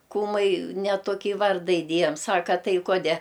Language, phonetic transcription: Lithuanian, ˈkūmai ne toˈkį ˈvarda iˈdėjam ˈsaka ˈtai ˈkode

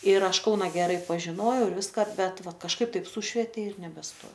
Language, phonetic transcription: Lithuanian, ir ˈaš ˈkauna geˈrai pažiˈnojau ir ˈviska ˈbet ˈva kažˈkaip ˈtaip ˈsušvetė ir nebesˈtojau

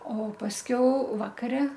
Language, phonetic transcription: Lithuanian, o pasˈkiau ˈvakare

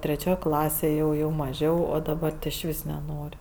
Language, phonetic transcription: Lithuanian, treˈčioj ˈklasėj ˈjau jau maˈžiau o daˈbar išˈvis neˈnor'

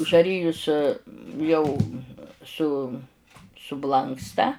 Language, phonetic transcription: Lithuanian, žaˈrijus ˈjau su suˈblanksta

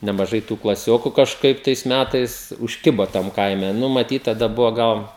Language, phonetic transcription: Lithuanian, nemaˈžai tų klaˈsioku kažˈkaip tais ˈmætais užˈkiba tam ˈkaime ˈnu maˈtyt taˈda ˈbuva ˈgal

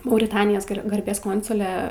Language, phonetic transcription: Lithuanian, mauriˈtanijos ˈgarbės ˈkonsule

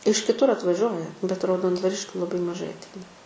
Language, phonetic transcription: Lithuanian, iš kiˈtur atvaˈžiuoja bet raudondvaˈriškių laˈbai maˈžai atˈeina

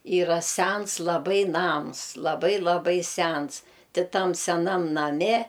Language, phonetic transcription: Lithuanian, ˈyra ˈsæns laˈbai ˈnams laˈbai laˈbai ˈsæns ˈti ˈtam seˈnam naˈme

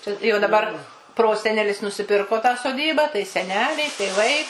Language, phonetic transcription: Lithuanian, ˈčia jau daˈbar ˈprosenelis nusiˈpirko tą soˈdybą tai seˈneliai tėˈvai

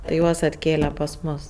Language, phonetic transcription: Lithuanian, tai ˈjuos atˈkėle pas ˈmus

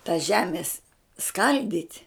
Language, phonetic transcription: Lithuanian, ta ˈžemės ˈskaldyt'

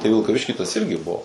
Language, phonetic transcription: Lithuanian, tai vilkaˈvišky tas ˈirgi ˈbuo

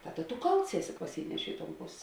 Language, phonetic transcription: Lithuanian, ˈtaˌda tu ˈkalts ˈeˌsi paˈsynešė i ton ˈpos'

